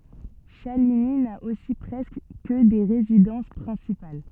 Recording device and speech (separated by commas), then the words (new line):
soft in-ear microphone, read sentence
Chaligny n'a aussi presque que des résidences principales.